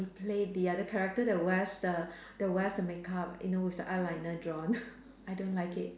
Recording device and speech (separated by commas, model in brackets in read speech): standing microphone, conversation in separate rooms